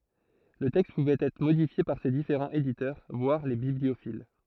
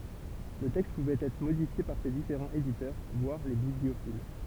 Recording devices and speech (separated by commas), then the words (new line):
throat microphone, temple vibration pickup, read sentence
Le texte pouvait être modifié par ses différents éditeurs, voire les bibliophiles.